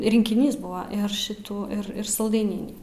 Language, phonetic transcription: Lithuanian, rinkiˈnys ˈbuva ir ˈšitų ir ˈir salˈdaininį

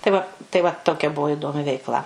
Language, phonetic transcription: Lithuanian, tai ˈva tai ˈva ˈtokia ˈbuvo iˈdomi veikˈla

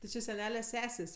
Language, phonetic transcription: Lithuanian, ti ˈči seˈnele ˈsesės'

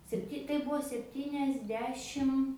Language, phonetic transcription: Lithuanian, sepˈti kai ˈbuvo sepˈtyniasˌdešim

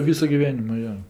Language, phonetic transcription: Lithuanian, ˈvysu giˈvenimu ˈjo

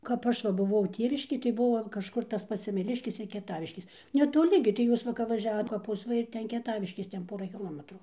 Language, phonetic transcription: Lithuanian, kap ˈaš va buˈvau ˈtėviškėj tai ˈbuvo kažˈkur tas ˈpats semeˈliškės ir kieˈtaviškės netoˈli gi tai ˈjūs ˈva kap vaˈžiavot kaˈpus ˈva ir ˈten kieˈtaviškės ˈten ˈpora kiˈlometru

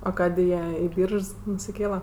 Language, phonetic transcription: Lithuanian, a ˈkadė ˈjie i ˈbyržs nusiˈkėla

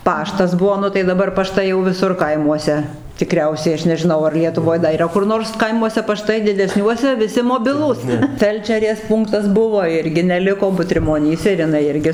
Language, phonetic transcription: Lithuanian, ˈpaštas ˈbuo ˈnu tai daˈbar paˈštai jau viˈsur ˈkaimuose tiˈkriausiai ˈaš nežiˈnau ar lietuˈvoj da yˈra kur ˈnors ˈkaimuose paˈštai dideˈsniuose viˈsi moˈbilūs ˈfelčerės ˈpūnktas ˈbuvo ˈirgi neˈliko butrimoˈnyse ir jiˈnai ˈirgi

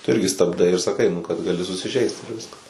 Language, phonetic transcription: Lithuanian, tu ˈirgi stabˈdai ir saˈkai nu kad gaˈli susiˈžeist ir ˈviskas

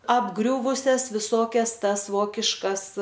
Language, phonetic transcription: Lithuanian, apˈgriuvusias viˈsokias ˈtas ˈvokiškas

